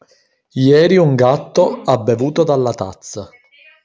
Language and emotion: Italian, neutral